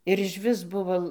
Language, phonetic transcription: Lithuanian, ir išˈvis ˈbuvo

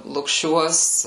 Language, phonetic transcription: Lithuanian, lukˈšiuos

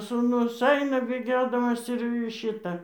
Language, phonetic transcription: Lithuanian, sūˈnus ˈaina bėˈgiodamas ir ˈšita

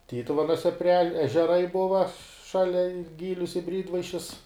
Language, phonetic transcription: Lithuanian, ˈtytuvenuose pri ež ežeˈrai ˈbuva ˈšalia i ˈgylius i ˈbrydvaišis

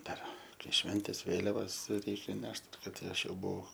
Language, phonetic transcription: Lithuanian, ˈdar ˈkai ˈšventės ˈvėliavas ˈreikia ˈnešt ˈkad ti ˈaš ˈjau ˈbuau

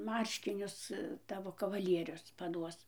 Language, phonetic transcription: Lithuanian, ˈmarškinius ˈtavo kavaˈlierius paˈduos

